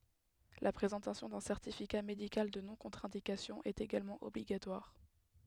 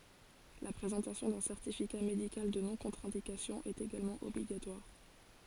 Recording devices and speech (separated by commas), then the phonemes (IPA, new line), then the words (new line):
headset microphone, forehead accelerometer, read sentence
la pʁezɑ̃tasjɔ̃ dœ̃ sɛʁtifika medikal də nɔ̃kɔ̃tʁɛ̃dikasjɔ̃ ɛt eɡalmɑ̃ ɔbliɡatwaʁ
La présentation d'un certificat médical de non-contre-indication est également obligatoire.